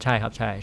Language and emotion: Thai, neutral